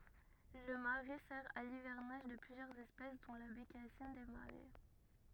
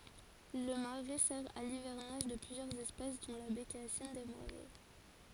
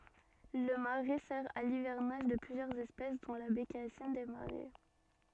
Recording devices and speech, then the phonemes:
rigid in-ear microphone, forehead accelerometer, soft in-ear microphone, read sentence
lə maʁɛ sɛʁ a livɛʁnaʒ də plyzjœʁz ɛspɛs dɔ̃ la bekasin de maʁɛ

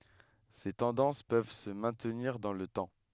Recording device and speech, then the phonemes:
headset microphone, read sentence
se tɑ̃dɑ̃s pøv sə mɛ̃tniʁ dɑ̃ lə tɑ̃

